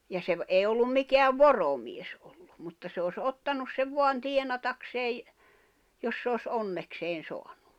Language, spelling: Finnish, ja se - ei ollut mikään voromies ollut mutta se olisi ottanut sen vain tienatakseen jos se olisi onnekseen saanut
- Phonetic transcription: ja 'se ‿v- 'èi ollum 'mikeäv "voromies ᴏʟʟᴜ , mutta se os '’ottanus sev voan 'tienatakseej , jos se os 'onnekseen̬ 'soaɴᴜ .

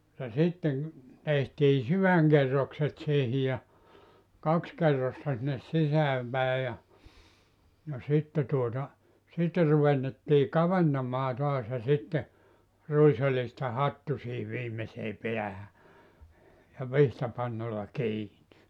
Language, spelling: Finnish, ja sitten tehtiin sydänkerrokset siihen ja kaksi kerrosta sinne sisään päin ja ja sitten tuota sitten ruvettiin kaventamaan taas ja sitten ruisoljista hattu siihen viimeiseen päähän ja vitsapannalla kiinni
- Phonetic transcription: ja 'sitteŋ , tehtii "syväŋkerrokset siihi ja , 'kaks 'kerrosta sinnes 'sisääm pä̀e ja , ja 'sitte tuota , 'sitte ruvennettii 'kaventamaa toas ja sitte , 'ruisoĺista "hattu siihiv 'viimesee 'peähä , ja 'vihtapannolla 'kiini .

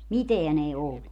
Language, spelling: Finnish, mitään ei ollut
- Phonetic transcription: "miteän ‿ei 'ollu .

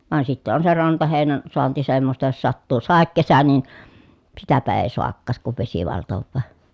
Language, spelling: Finnish, vaan sitten on se rantaheinän saanti semmoista jos sattuu sadekesä niin sitäpä ei saakaan sitten kun vesi valtaa
- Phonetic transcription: van sitte on se rantahèi̮nän , soanti semmosta jos sattuu sàekkesä nin̬ , sitäpä èi̮ soakkaas si(tteŋ) kuv vesi valtovvaa .

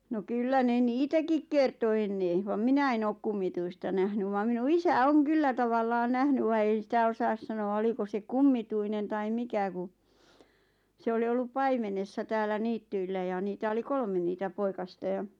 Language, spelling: Finnish, no kyllä ne niitäkin kertoi ennen vaan minä en ole kummituista nähnyt vaan minun isä on kyllä tavallaan nähnyt vaan ei sitä osaa sanoa oliko se kummituinen tai mikä kun se oli ollut paimenessa täällä niityillä ja niitä oli kolme niitä poikasta ja
- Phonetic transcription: no 'kyllä ne "niitäkik 'kerto 'enne , vam 'minä en ook 'kummituista nähny vam minu "isä "oŋ 'kyllä tavallaan 'nähny va 'ei sitä 'osaas 'sano₍a oliko se "kummituinen tai "mikä ku , 'se oli ollup "paimenessa täällä 'niittyillä ja niitä 'oli "kolme niitä 'poikasta ja ,.

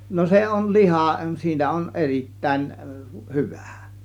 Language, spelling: Finnish, no se on liha siinä on erittäin hyvä
- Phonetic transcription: no 'se on "lihà , 'siinä on "erittä̀in , "hyvÄ̀ .

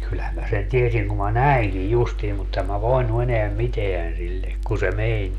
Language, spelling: Finnish, kyllähän minä sen tiesin kun minä näinkin justiin mutta en minä voinut enää mitään sille kun se meni
- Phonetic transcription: 'kylhäm mä sen 'tiesiŋ kum ma "näiŋkij 'justiim mut 'em mä 'voinu eneäm "miteän 'sille , kun se "meń .

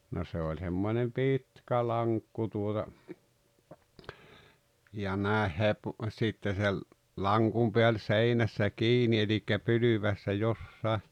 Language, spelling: Finnish, no se oli semmoinen pitkä lankku tuota ja näin - sitten se lankun pää oli seinässä kiinni eli pylväässä jossakin
- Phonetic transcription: no se oĺ 'semmońem "pìtkä "laŋkku tuota , ja 'nä̀eh 'hepu- , 'sitte se , "laŋkum peä oĺ "seinässä "kiini elikkä "pylyväässä 'jossàe .

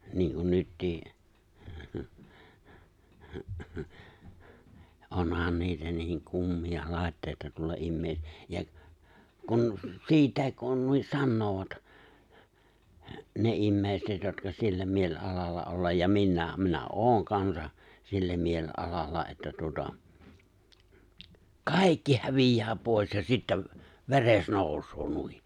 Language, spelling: Finnish, niin kuin nytkin onhan niitä niin kummia laitteita tuolla ihmisillä ja kun siitäkin kun noin sanovat ne ihmiset jotka sillä mielialalla olla ja minäkin minä olen kansa sillä mielialalla että tuota kaikki häviää pois ja sitten veres nousee noin
- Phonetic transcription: niiŋkun 'nyttii , , '’onhàn 'niitä niiŋ 'kummi₍a 'lài̬ttèita tuolla 'immee[sillä] ja , kun , 'siitä̀ek kun nuin 'sannoovat , 'ne '’immèiset jotka 'sillä 'miel'’alalla 'ollaj ja 'minnä̀em minä "’oŋ kansa , 'sillä 'miel'’alalla että tuota , "kàikki hävij̀ää pòi̬s ja sittäᵛ , 've̬res 'nòusoo , 'nui .

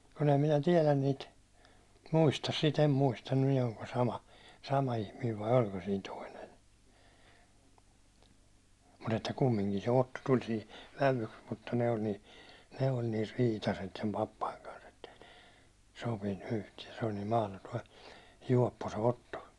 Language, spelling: Finnish, kun en minä tiedä niitä muista sitä en muista niin oliko sama sama ihminen vai oliko siinä toinen mutta että kumminkin se Otto tuli siihen vävyksi mutta noin niin ne oli niin riitaiset sen papan kanssa että ei ne sopinut yhtään se oli niin mahdoton juoppo se Otto
- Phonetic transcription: kun ‿em minä 'tiɛlän niit , 'muistas si't ‿em muista nin ‿olko sama , sama ihmiiv vai 'oĺko sin "toinen̬ , mut ‿että 'kummiŋkin se 'Otto tuĺ sihi , 'vävuks mut-ta noin ni , ne oĺ nir̆ "riitaset sem 'pappaⁱŋ kans ettei (ne) , 'sopinnu 'yhtiɛ , se oĺ niim 'mahlotoi , 'juåppo se "Otto .

